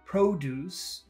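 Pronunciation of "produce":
'Produce' is said the noun way, with both syllables long, not with a short first syllable and a long second one.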